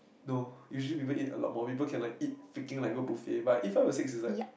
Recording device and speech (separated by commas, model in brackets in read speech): boundary microphone, conversation in the same room